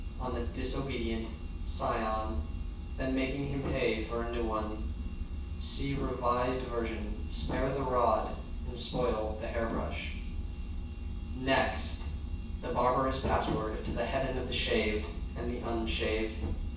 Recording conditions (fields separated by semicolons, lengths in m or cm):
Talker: one person; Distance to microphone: 9.8 m; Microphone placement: far; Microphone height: 1.8 m; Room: large; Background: none